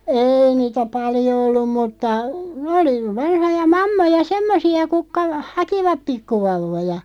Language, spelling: Finnish, ei niitä paljon ollut mutta oli vanhoja mammoja semmoisia kutka hakivat pikkuvauvoja
- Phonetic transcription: eei niitä "paljo 'ollum 'mutta , 'oli , 'vanhoja "mammoja "semmosi₍a 'kukka , "hakivap 'pikkuvauv̆voja .

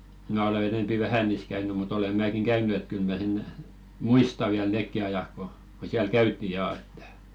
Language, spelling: Finnish, minä olen enempi vähän niissä käynyt mutta olen minäkin käynyt että kyllä minä sen muistan vielä nekin ajat kun kun siellä käytiin ja että
- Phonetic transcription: 'mä ole enempi "vähä niis käyny mu't ‿ole 'määkiŋ "käyn̆ny et 'kyl mä sen , "muista viäl "nèkki 'ajak ko , ko 'siäl "käytti jaa ettᴀ̈ .

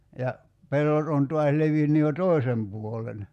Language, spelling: Finnish, ja pellot on taas levinnyt jo toisen puolen
- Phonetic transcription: ja , 'pellot on 'tuas 'levinny jo "tòi̬sem 'puolen .

